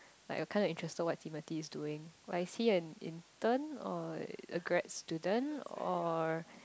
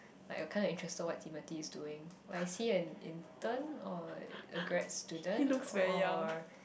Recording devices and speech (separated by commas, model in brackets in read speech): close-talking microphone, boundary microphone, conversation in the same room